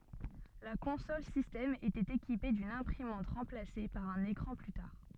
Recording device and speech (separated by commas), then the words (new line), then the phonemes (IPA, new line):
soft in-ear microphone, read sentence
La console système était équipée d'une imprimante remplacée par un écran plus tard.
la kɔ̃sɔl sistɛm etɛt ekipe dyn ɛ̃pʁimɑ̃t ʁɑ̃plase paʁ œ̃n ekʁɑ̃ ply taʁ